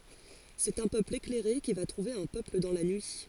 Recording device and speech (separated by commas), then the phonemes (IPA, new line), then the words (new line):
forehead accelerometer, read sentence
sɛt œ̃ pøpl eklɛʁe ki va tʁuve œ̃ pøpl dɑ̃ la nyi
C’est un peuple éclairé qui va trouver un peuple dans la nuit.